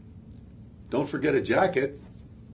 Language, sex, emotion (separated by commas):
English, male, neutral